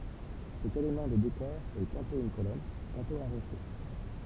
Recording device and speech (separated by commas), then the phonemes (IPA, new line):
temple vibration pickup, read sentence
sɛt elemɑ̃ də dekɔʁ ɛ tɑ̃tɔ̃ yn kolɔn tɑ̃tɔ̃ œ̃ ʁoʃe